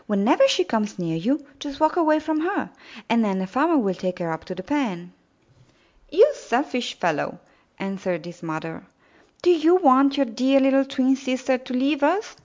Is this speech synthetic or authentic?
authentic